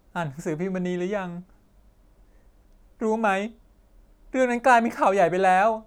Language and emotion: Thai, sad